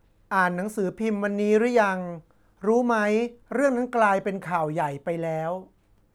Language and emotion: Thai, neutral